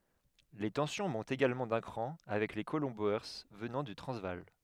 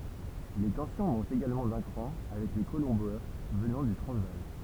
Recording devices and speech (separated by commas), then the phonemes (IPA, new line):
headset microphone, temple vibration pickup, read sentence
le tɑ̃sjɔ̃ mɔ̃tt eɡalmɑ̃ dœ̃ kʁɑ̃ avɛk le kolɔ̃ boe vənɑ̃ dy tʁɑ̃zvaal